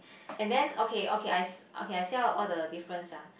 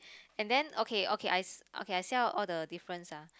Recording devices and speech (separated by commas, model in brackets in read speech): boundary microphone, close-talking microphone, conversation in the same room